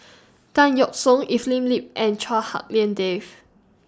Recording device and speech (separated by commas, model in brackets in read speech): standing microphone (AKG C214), read sentence